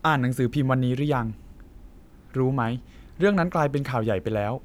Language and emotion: Thai, neutral